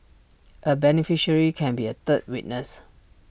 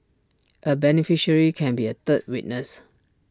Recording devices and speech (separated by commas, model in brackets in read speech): boundary microphone (BM630), standing microphone (AKG C214), read sentence